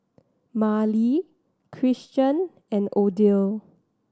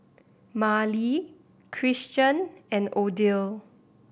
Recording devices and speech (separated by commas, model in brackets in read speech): standing microphone (AKG C214), boundary microphone (BM630), read sentence